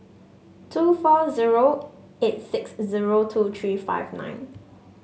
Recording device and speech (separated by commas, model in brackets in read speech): mobile phone (Samsung S8), read sentence